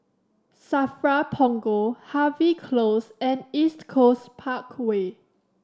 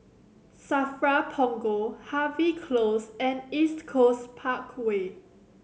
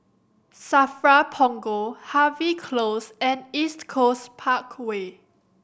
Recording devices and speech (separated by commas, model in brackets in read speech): standing microphone (AKG C214), mobile phone (Samsung C7100), boundary microphone (BM630), read sentence